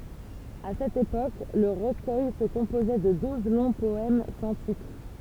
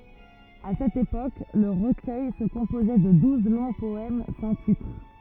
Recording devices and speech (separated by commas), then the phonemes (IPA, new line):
temple vibration pickup, rigid in-ear microphone, read sentence
a sɛt epok lə ʁəkœj sə kɔ̃pozɛ də duz lɔ̃ pɔɛm sɑ̃ titʁ